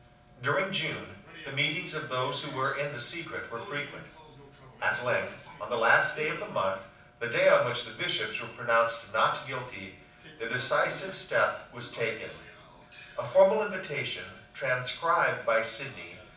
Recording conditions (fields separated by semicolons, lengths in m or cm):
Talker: one person; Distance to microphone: 5.8 m; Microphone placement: far; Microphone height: 1.8 m; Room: medium-sized (5.7 m by 4.0 m); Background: television